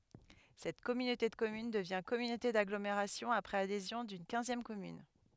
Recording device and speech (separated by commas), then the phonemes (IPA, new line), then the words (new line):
headset microphone, read sentence
sɛt kɔmynote də kɔmyn dəvjɛ̃ kɔmynote daɡlomeʁasjɔ̃ apʁɛz adezjɔ̃ dyn kɛ̃zjɛm kɔmyn
Cette communauté de communes devient communauté d'agglomération après adhésion d'une quinzième commune.